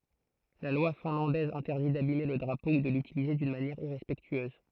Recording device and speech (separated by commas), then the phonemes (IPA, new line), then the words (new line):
throat microphone, read sentence
la lwa fɛ̃lɑ̃dɛz ɛ̃tɛʁdi dabime lə dʁapo u də lytilize dyn manjɛʁ iʁɛspɛktyøz
La loi finlandaise interdit d'abimer le drapeau ou de l'utiliser d'une manière irrespectueuse.